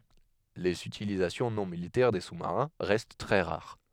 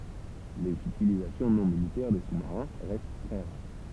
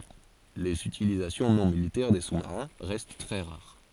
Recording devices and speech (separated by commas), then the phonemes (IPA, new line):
headset microphone, temple vibration pickup, forehead accelerometer, read sentence
lez ytilizasjɔ̃ nɔ̃ militɛʁ de susmaʁɛ̃ ʁɛst tʁɛ ʁaʁ